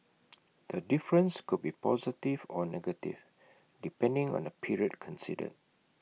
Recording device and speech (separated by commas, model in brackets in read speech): mobile phone (iPhone 6), read sentence